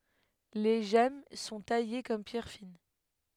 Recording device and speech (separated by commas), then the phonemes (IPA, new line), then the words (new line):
headset microphone, read sentence
le ʒɛm sɔ̃ taje kɔm pjɛʁ fin
Les gemmes sont taillées comme pierres fines.